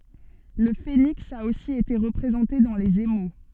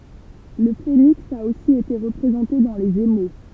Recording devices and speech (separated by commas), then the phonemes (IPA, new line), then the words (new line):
soft in-ear microphone, temple vibration pickup, read sentence
lə feniks a osi ete ʁəpʁezɑ̃te dɑ̃ lez emo
Le phénix a aussi été représenté dans les émaux.